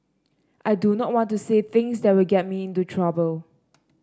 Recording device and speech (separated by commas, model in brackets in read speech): standing microphone (AKG C214), read sentence